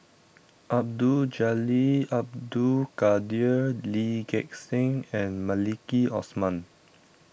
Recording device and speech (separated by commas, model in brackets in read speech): boundary microphone (BM630), read sentence